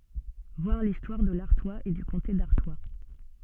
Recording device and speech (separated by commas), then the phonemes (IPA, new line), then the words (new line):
soft in-ear microphone, read sentence
vwaʁ listwaʁ də laʁtwaz e dy kɔ̃te daʁtwa
Voir l'histoire de l'Artois et du comté d'Artois.